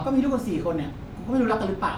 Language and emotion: Thai, neutral